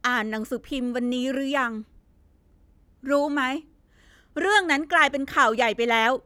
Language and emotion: Thai, angry